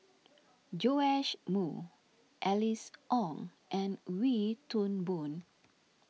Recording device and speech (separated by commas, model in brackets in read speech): mobile phone (iPhone 6), read sentence